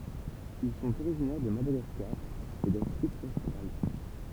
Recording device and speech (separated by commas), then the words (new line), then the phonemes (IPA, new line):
temple vibration pickup, read sentence
Ils sont originaires de Madagascar et d'Afrique australe.
il sɔ̃t oʁiʒinɛʁ də madaɡaskaʁ e dafʁik ostʁal